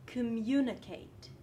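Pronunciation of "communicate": In 'communicate', the vowel in 'com' is a schwa, so reduced that it almost sounds dropped completely.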